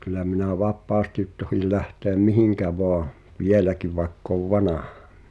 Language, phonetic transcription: Finnish, kyl̆lä minä 'vap̆paastit tohil 'lähtèᵃ̈m "mihiŋkä voa , "vieläkiv vaeᵉkk ‿ov "vanahᴀ .
- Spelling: kyllä minä vapaasti tohdin lähteä mihin vain vieläkin vaikka olen vanha

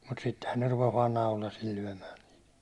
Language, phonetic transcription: Finnish, mut 'sittehän ne 'rupes vaan "naulasil 'lyäₒmää .
- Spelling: mutta sittenhän ne rupesi vain naulasilla lyömään

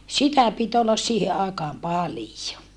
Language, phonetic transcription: Finnish, sitä pit ollas siihe aikaam palijo .
- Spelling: sitä piti olla siihen aikaan paljon

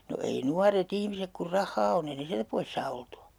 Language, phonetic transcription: Finnish, no ei 'nuare't ‿ihmisek kur "rahhaa on'n ‿ei ne siältä 'pois saa 'oltu₍a .
- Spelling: no ei nuoret ihmiset kun rahaa on ei ne sieltä pois saa oltua

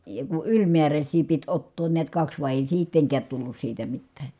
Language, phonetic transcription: Finnish, ja ku yĺmiäräśsii pit ottoon niät kaks vài̮ èi siitteŋkäät tullus siitä mittää .
- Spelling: ja kun ylimääräisiä piti ottaa näet kaksi vai ei sittenkään tullut siitä mitään

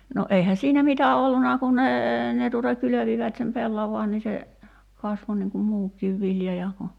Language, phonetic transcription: Finnish, no 'eihä 'siinä "mitä 'olluna kun nee , ne tùta 'kylövivät sem 'pellavaan ni se , 'kasvo niŋ kum "muuk̀iiv vilja ja ku ,.
- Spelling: no eihän siinä mitä ollut kun ne ne tuota kylvivät sen pellavan niin se kasvoi niin kuin muukin vilja ja kun

